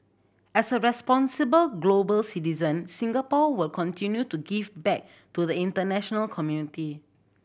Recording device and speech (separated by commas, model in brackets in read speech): boundary microphone (BM630), read sentence